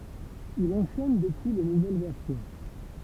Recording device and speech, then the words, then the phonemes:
temple vibration pickup, read sentence
Il enchaîne depuis les nouvelles versions.
il ɑ̃ʃɛn dəpyi le nuvɛl vɛʁsjɔ̃

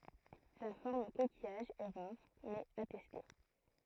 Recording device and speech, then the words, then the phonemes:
throat microphone, read sentence
La forme coquillage est rare, mais attestée.
la fɔʁm kokijaʒ ɛ ʁaʁ mɛz atɛste

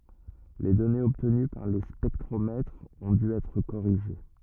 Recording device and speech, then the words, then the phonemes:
rigid in-ear microphone, read sentence
Les données obtenues par les spectromètres ont dû être corrigées.
le dɔnez ɔbtəny paʁ le spɛktʁomɛtʁz ɔ̃ dy ɛtʁ koʁiʒe

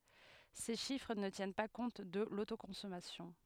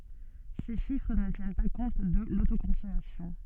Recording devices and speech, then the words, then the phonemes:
headset microphone, soft in-ear microphone, read sentence
Ces chiffres ne tiennent pas compte de l'autoconsommation.
se ʃifʁ nə tjɛn pa kɔ̃t də lotokɔ̃sɔmasjɔ̃

